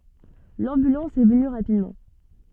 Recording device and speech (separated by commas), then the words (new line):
soft in-ear microphone, read sentence
L'ambulance est venue rapidement.